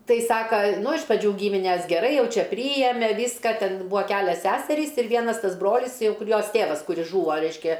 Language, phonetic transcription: Lithuanian, ˈtai ˈsaka ˈnu iš praˈdžių ˈgymines geˈrai ˈjau ˈčia ˈpryjeme ˈvyska ˈten ˈbūa ˈkælias ˈseserys ir ˈvienas ˈtas ˈbrolis ˈjau ˈkur ˈjos ˈtėvas ˈkuris ˈžūvo ˈreiškia

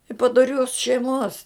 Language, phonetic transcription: Lithuanian, i padoˈrios šeiˈmos

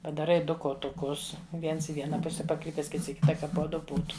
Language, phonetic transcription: Lithuanian, padaˈrai ˈdu kotuˈkus ˈviens i ˈviena ˈpuse paˈkrypes ˈkits i ˈkita ˈka po ˈdu ˈbūtu

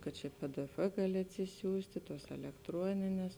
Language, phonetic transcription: Lithuanian, kad ˈčia pdf ˈgali atsiˈsiųsti ˈtuos elektˈruonines

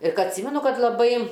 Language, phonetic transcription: Lithuanian, ir ˈka atˈsymenu ˈkad laˈbai

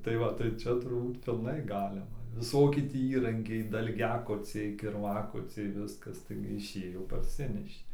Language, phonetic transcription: Lithuanian, tai ˈva tai ˈčia turˈbūt pilˈnai ˈgalima viˈsoki ˈtį ˈįrankiai dalˈgiakociai kirˈvakociai ˈviskas taigi iˈšėjo parˈsinešė

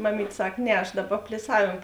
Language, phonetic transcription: Lithuanian, maˈmyt' ˈsak ˈne aš ˈdaˌba pliˈsavėm

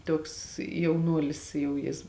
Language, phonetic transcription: Lithuanian, ˈtuoks jauˈnuolis ˈjau ˈjis

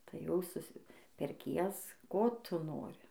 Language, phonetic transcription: Lithuanian, tai ˈjau suˈsi perˈkies ˈko ˈtu ˈnori

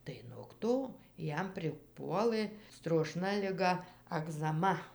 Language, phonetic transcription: Lithuanian, tai nog ˈto ˈjam priˈpuolɘ stroˈšna liˈga agzaˈma

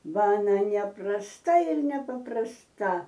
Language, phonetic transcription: Lithuanian, ˈba aˈna neprasˈta ir nepaprasˈta

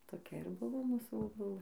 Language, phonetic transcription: Lithuanian, toˈkia ir ˈbuvo ˈmūsų boˈbulɘ

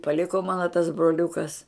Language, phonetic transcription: Lithuanian, paˈliko ˈmano tas broˈliukas

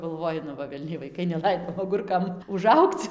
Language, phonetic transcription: Lithuanian, galˈvoji nu ˈva velˈniai vaiˈkai neˈlaido aˈgurkam uˈžaugc

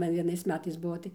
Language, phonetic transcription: Lithuanian, ˈman vieˈnais ˈmetais ˈbuo tai

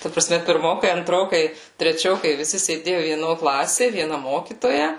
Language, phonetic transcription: Lithuanian, ta praˈsme pirˈmokai anˈtrokai treˈčiokai viˈsi sėˈdėju vieˈno ˈklasė vieˈna ˈmokytoja

